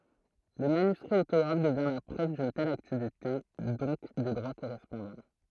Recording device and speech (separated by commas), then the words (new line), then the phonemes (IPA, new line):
throat microphone, read sentence
Le manuscrit autographe devient la preuve d'une telle activité, donc des droits correspondants.
lə manyskʁi otoɡʁaf dəvjɛ̃ la pʁøv dyn tɛl aktivite dɔ̃k de dʁwa koʁɛspɔ̃dɑ̃